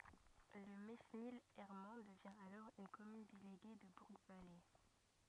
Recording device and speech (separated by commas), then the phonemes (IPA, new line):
rigid in-ear microphone, read sentence
lə menil ɛʁmɑ̃ dəvjɛ̃ alɔʁ yn kɔmyn deleɡe də buʁɡvale